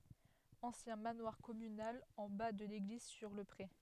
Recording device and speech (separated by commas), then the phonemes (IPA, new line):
headset microphone, read sentence
ɑ̃sjɛ̃ manwaʁ kɔmynal ɑ̃ ba də leɡliz syʁ lə pʁe